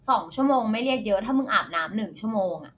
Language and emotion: Thai, frustrated